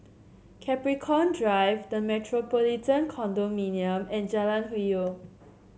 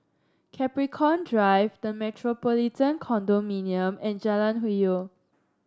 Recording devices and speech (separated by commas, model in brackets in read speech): mobile phone (Samsung C7), standing microphone (AKG C214), read sentence